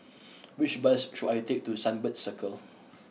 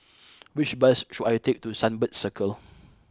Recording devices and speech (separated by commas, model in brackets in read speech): mobile phone (iPhone 6), close-talking microphone (WH20), read sentence